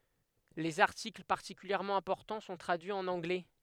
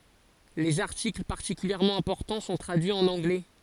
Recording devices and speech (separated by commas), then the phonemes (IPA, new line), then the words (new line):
headset microphone, forehead accelerometer, read sentence
lez aʁtikl paʁtikyljɛʁmɑ̃ ɛ̃pɔʁtɑ̃ sɔ̃ tʁadyiz ɑ̃n ɑ̃ɡlɛ
Les articles particulièrement importants sont traduits en anglais.